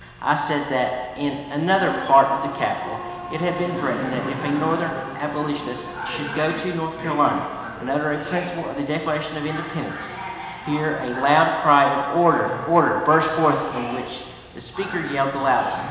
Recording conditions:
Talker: one person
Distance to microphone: 1.7 m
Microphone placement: close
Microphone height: 1.0 m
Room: very reverberant, large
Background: television

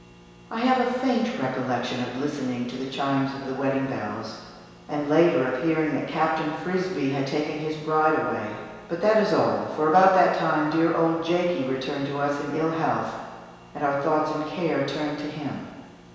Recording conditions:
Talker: one person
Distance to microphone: 1.7 m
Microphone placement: close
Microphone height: 1.0 m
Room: very reverberant, large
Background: none

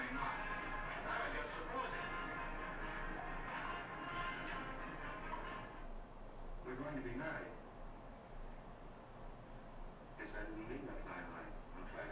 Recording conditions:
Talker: no one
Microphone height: 1.1 m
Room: small (3.7 m by 2.7 m)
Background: television

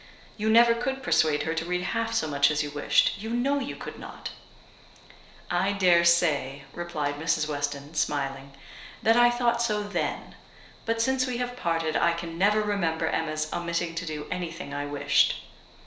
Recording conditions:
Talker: one person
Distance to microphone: 1.0 m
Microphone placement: close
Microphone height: 1.1 m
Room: small (3.7 m by 2.7 m)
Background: none

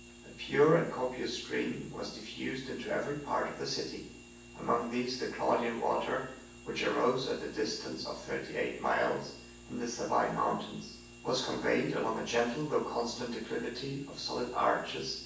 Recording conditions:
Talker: one person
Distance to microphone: 9.8 m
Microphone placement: far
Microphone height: 1.8 m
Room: large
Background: none

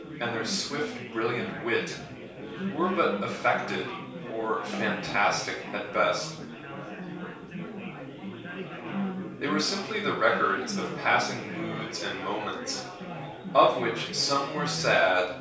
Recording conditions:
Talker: one person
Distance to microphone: 3.0 m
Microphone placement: far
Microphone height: 1.8 m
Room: small (3.7 m by 2.7 m)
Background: babble

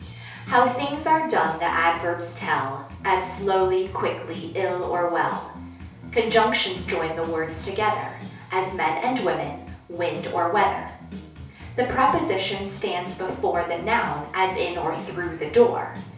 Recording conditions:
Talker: one person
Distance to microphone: 3.0 m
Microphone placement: far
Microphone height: 1.8 m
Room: small (3.7 m by 2.7 m)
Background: music

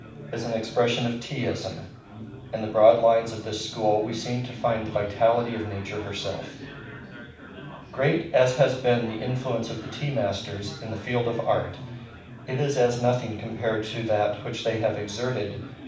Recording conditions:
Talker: one person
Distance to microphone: 5.8 m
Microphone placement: far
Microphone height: 1.8 m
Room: medium-sized (5.7 m by 4.0 m)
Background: babble

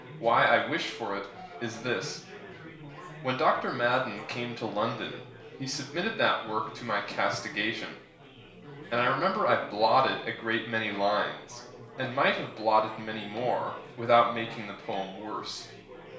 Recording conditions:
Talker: one person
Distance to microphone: 1.0 m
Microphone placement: close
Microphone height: 1.1 m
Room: small (3.7 m by 2.7 m)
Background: babble

